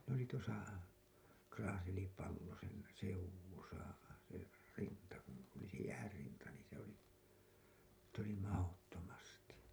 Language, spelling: Finnish, ne oli tuossa Kraaselipallosen seudussa se rinta kun oli se jäänrinta niin se oli niitä oli mahdottomasti
- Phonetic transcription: ne ‿oli tuosa , 'Kraaselipallosén , seuw̆wusa , se , 'rinta kun , oli se 'jäärrinta niin̬ se ‿oli , niit ‿oli 'mahottomasti .

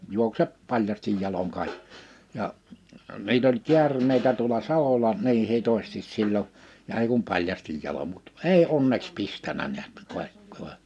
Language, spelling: Finnish, juokse paljain jaloin kaikki ja niitä oli käärmeitä tuolla salolla niin hitosti silloin ja ei kuin paljain jaloin mutta ei onneksi pistänyt näet - -
- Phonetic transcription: 'juoksep 'paĺjastij 'jaloŋ 'kài[kki] , ja , niit ‿oĺ 'kiärm̀eitä tuola "salola nii 'hitostis 'sillo , ja 'ei kum 'paĺjastij jalom mut "èi 'onneks 'pistänä niät kòe- , kòe- ,.

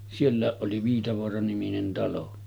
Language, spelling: Finnish, sielläkin oli Viitavaara-niminen talo
- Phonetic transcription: 'siellä̀eˀ ˀoli 'Viitavoara-niminen talo .

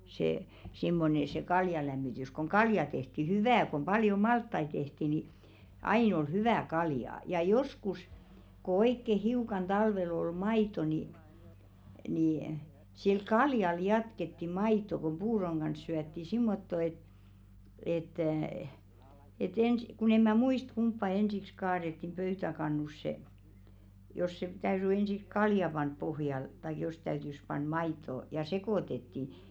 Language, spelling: Finnish, se semmoinen se kaljalämmitys kun kaljaa tehtiin hyvää kun paljon maltaita tehtiin niin aina oli hyvää kaljaa ja joskus kun oikein hiukan talvella oli maitoa niin niin sillä kaljalla jatkettiin maitoa kun puuron kanssa syötiin semmottoon että että että ensin kun en minä muista kumpaa ensiksi kaadettiin pöytäkannussa jos se täytyi ensiksi kaljaa panna pohjalle tai jos täytyi panna maitoa ja sekoitettiin
- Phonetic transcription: se 'simmone se 'kaljalämmitys koŋ "kalja tehti "hyvää kom 'paljo "malttai tehti ni , 'ain ‿ol "hyvä̀ 'kaljà , ja 'joskus , ko 'oikke "hiukan talvel ‿ol 'mait̀o ni , ni , sil "kaljal jatketti 'mait̆to kuᵐ "puuroŋ ɢans syätti 'simmotto et , et̆tä̀ , et 'ensⁱ ku'n ‿em̆ mä "muist 'kumppa "ensiks kaarettim 'pöytäkannusse , jos se täyry 'ensiks "kalja 'panp pohjal taik jos täytys 'pan "mait̆to , ja 'sekòtetti .

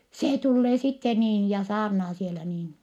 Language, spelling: Finnish, se tulee sitten niin ja saarnaa siellä niin
- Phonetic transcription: see tullee sitte niin ja saarnaa sielä niin .

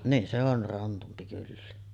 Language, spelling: Finnish, niin se on krantumpi kyllä
- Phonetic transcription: niin , se or "rantumpi kyllä .

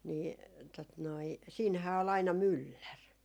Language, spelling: Finnish, niin tuota noin siinähän oli aina mylläri
- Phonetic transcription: nii tot noi , siinhää ol aina "myllär .

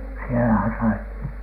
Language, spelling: Finnish, siellähän sai
- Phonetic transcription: 'sielähän sai ,.

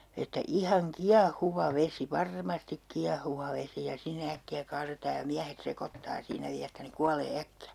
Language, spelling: Finnish, että ihan kiehuva vesi varmasti kiehuva vesi ja sinne äkkiä kaadetaan ja miehet sekoittaa siinä vielä että ne kuolee äkkiä
- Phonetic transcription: että 'ihaŋ "kia"huva 'vesi , "var'mastik "kiahuva "vesi ja 'sinne 'äkki₍ä 'kaaretaa ja 'miähet 'sekottaa siinä 'viä että ne "kualee 'äkki₍ä .

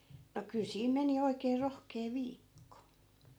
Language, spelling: Finnish, no kyllä siinä meni oikein rohkea viikko
- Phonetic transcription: no 'kyl 'siim meni 'oikee 'rohkee "viikko .

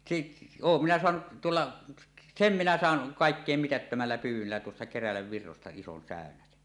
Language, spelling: Finnish, sitten olen minä saanut tuolla sen minä sain kaikkein mitättömällä pyydöllä tuossa Kerälänvirroista ison säynäsen
- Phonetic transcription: sit- , "oom 'minä 'soanuˀ , "tuolla , "sem minä sàen , 'kàekkèim mitättömällä pyyw̆wöllä tuossa 'Kerälävvirrosta "ison "sä̀önäsen .

